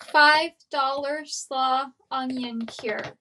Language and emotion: English, neutral